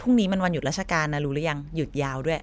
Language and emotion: Thai, neutral